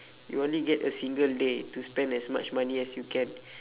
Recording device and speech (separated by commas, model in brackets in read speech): telephone, conversation in separate rooms